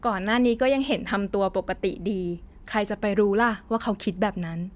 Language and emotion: Thai, neutral